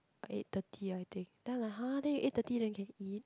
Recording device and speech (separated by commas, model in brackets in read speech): close-talking microphone, conversation in the same room